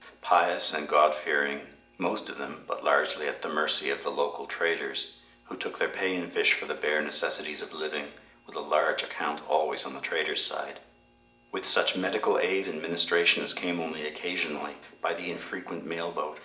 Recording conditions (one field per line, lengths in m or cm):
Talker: one person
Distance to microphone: 1.8 m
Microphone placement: close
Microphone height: 1.0 m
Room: large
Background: none